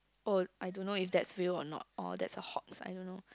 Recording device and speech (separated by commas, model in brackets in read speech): close-talking microphone, conversation in the same room